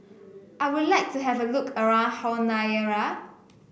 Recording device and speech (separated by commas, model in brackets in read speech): boundary microphone (BM630), read sentence